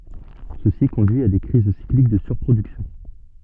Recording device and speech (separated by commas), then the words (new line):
soft in-ear microphone, read sentence
Ceci conduit à des crises cycliques de surproduction.